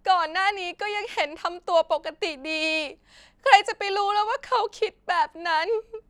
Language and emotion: Thai, sad